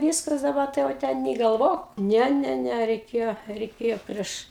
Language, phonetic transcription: Lithuanian, ˈvyskas daˈba tai jau ˈten nė galˈvok ˈne ˈne ˈne reiˈkėjo reiˈkėjo ˈprieš

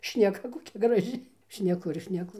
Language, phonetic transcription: Lithuanian, šneˈka koˈkia graˈži šneˈku ir šneˈku

